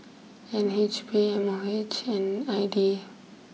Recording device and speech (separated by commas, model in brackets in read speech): mobile phone (iPhone 6), read sentence